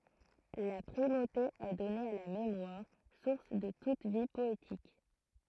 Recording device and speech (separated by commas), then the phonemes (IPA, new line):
throat microphone, read sentence
la pʁimote ɛ dɔne a la memwaʁ suʁs də tut vi pɔetik